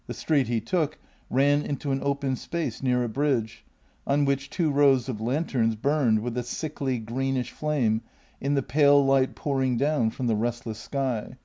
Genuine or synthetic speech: genuine